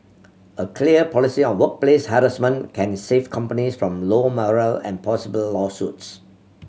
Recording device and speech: mobile phone (Samsung C7100), read sentence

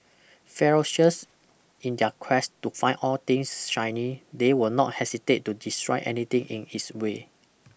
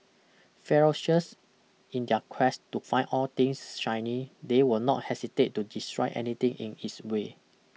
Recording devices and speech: boundary microphone (BM630), mobile phone (iPhone 6), read sentence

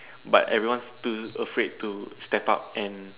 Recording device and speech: telephone, conversation in separate rooms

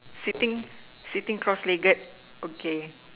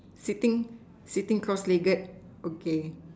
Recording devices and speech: telephone, standing microphone, conversation in separate rooms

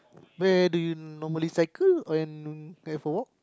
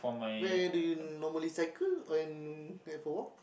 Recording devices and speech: close-talking microphone, boundary microphone, conversation in the same room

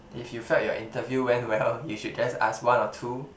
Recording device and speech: boundary microphone, conversation in the same room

